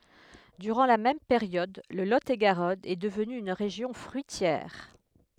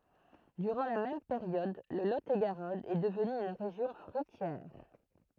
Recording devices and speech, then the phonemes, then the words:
headset microphone, throat microphone, read sentence
dyʁɑ̃ la mɛm peʁjɔd lə lo e ɡaʁɔn ɛ dəvny yn ʁeʒjɔ̃ fʁyitjɛʁ
Durant la même période, le Lot-et-Garonne est devenu une région fruitière.

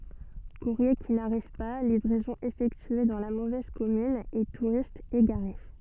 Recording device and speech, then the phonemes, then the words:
soft in-ear microphone, read sentence
kuʁje ki naʁiv pa livʁɛzɔ̃z efɛktye dɑ̃ la movɛz kɔmyn e tuʁistz eɡaʁe
Courriers qui n'arrivent pas, livraisons effectuées dans la mauvaise commune et touristes égarés.

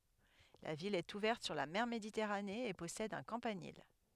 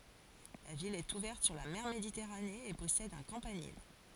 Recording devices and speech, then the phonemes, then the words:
headset microphone, forehead accelerometer, read sentence
la vil ɛt uvɛʁt syʁ la mɛʁ meditɛʁane e pɔsɛd œ̃ kɑ̃panil
La ville est ouverte sur la mer Méditerranée et possède un campanile.

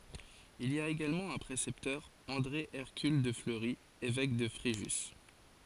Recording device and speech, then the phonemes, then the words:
forehead accelerometer, read sentence
il i a eɡalmɑ̃ œ̃ pʁesɛptœʁ ɑ̃dʁe ɛʁkyl də fləʁi evɛk də fʁeʒys
Il y a également un précepteur, André Hercule de Fleury, évêque de Fréjus.

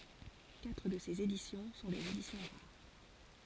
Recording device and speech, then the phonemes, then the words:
forehead accelerometer, read sentence
katʁ də sez edisjɔ̃ sɔ̃ dez edisjɔ̃ ʁaʁ
Quatre de ces éditions sont des éditions rares.

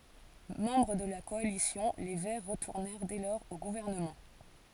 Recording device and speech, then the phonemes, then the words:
forehead accelerometer, read sentence
mɑ̃bʁ də la kɔalisjɔ̃ le vɛʁ ʁətuʁnɛʁ dɛ lɔʁz o ɡuvɛʁnəmɑ̃
Membres de la coalition, les Verts retournèrent dès lors au gouvernement.

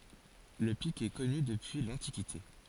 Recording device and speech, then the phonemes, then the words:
forehead accelerometer, read sentence
lə pik ɛ kɔny dəpyi lɑ̃tikite
Le pic est connu depuis l'Antiquité.

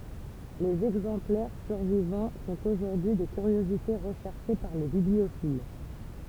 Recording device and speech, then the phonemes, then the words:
temple vibration pickup, read sentence
lez ɛɡzɑ̃plɛʁ syʁvivɑ̃ sɔ̃t oʒuʁdyi de kyʁjozite ʁəʃɛʁʃe paʁ le bibliofil
Les exemplaires survivants sont aujourd'hui des curiosités recherchées par les bibliophiles.

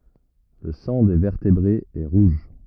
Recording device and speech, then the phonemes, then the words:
rigid in-ear microphone, read sentence
lə sɑ̃ de vɛʁtebʁez ɛ ʁuʒ
Le sang des vertébrés est rouge.

